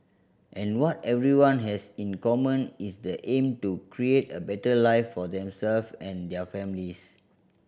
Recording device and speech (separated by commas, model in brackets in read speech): boundary microphone (BM630), read sentence